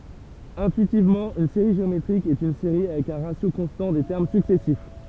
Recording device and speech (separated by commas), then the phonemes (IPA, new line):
temple vibration pickup, read sentence
ɛ̃tyitivmɑ̃ yn seʁi ʒeometʁik ɛt yn seʁi avɛk œ̃ ʁasjo kɔ̃stɑ̃ de tɛʁm syksɛsif